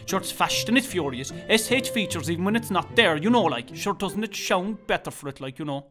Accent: Kerry accent